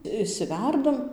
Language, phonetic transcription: Lithuanian, išˈsiværdam

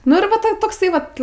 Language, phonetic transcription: Lithuanian, nu ir ˈva ˈto ˈtoksai vat

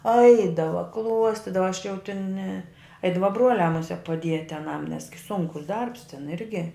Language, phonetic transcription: Lithuanian, ˈaidava ˈkluostidava aš jau tin ne ˈaidava ˈbruoliā muˈsiek paˈdieti aˈnam nes gi ˈsunkus ˈdarbs tin ˈirgi

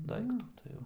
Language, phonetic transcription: Lithuanian, ˈdaiktų tai ˈjau

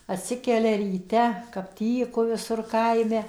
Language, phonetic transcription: Lithuanian, atˈsikelia ryˈte kap ˈtyku viˈsur ˈkaime

